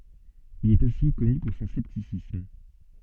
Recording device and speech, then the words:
soft in-ear microphone, read sentence
Il est aussi connu pour son scepticisme.

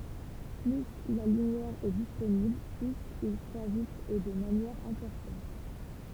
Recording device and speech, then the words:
temple vibration pickup, read sentence
Plus la lumière est disponible, plus il croît vite et de manière importante.

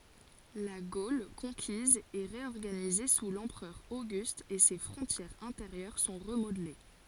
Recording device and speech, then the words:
forehead accelerometer, read sentence
La Gaule conquise est réorganisée sous l’empereur Auguste et ses frontières intérieures sont remodelées.

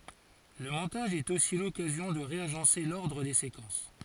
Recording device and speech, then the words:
forehead accelerometer, read sentence
Le montage est aussi l'occasion de réagencer l'ordre des séquences.

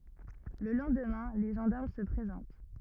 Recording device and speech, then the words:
rigid in-ear microphone, read sentence
Le lendemain, les gendarmes se présentent.

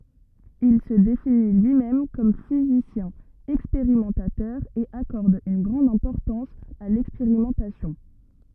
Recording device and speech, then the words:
rigid in-ear microphone, read sentence
Il se définit lui-même comme physicien expérimentateur et accorde une grande importance à l'expérimentation.

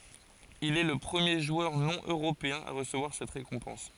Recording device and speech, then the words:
forehead accelerometer, read sentence
Il est le premier joueur non-européen à recevoir cette récompense.

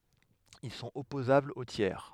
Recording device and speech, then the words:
headset microphone, read sentence
Ils sont opposables aux tiers.

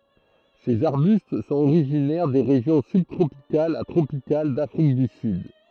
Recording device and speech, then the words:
throat microphone, read sentence
Ces arbustes sont originaires des régions sub-tropicales à tropicales d'Afrique du Sud.

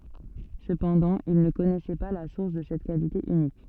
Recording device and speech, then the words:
soft in-ear microphone, read sentence
Cependant, il ne connaissait pas la source de cette qualité unique.

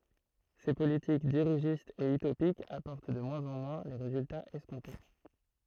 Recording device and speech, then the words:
throat microphone, read sentence
Ces politiques dirigistes et utopiques apportent de moins en moins les résultats escomptés.

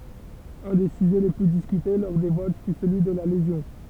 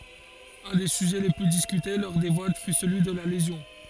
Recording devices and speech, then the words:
temple vibration pickup, forehead accelerometer, read sentence
Un des sujets les plus discutés lors des votes fut celui de la lésion.

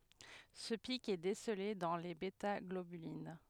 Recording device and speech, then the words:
headset microphone, read sentence
Ce pic est décelé dans les bêtaglobulines.

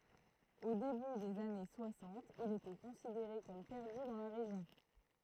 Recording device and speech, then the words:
throat microphone, read sentence
Au début des années soixante, il était considéré comme perdu dans la région.

